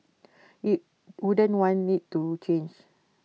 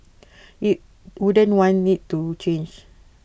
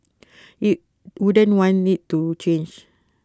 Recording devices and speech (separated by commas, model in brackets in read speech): mobile phone (iPhone 6), boundary microphone (BM630), close-talking microphone (WH20), read sentence